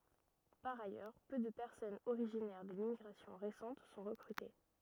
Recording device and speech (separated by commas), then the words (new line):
rigid in-ear microphone, read sentence
Par ailleurs, peu de personnes originaires de l'immigration récente sont recrutées.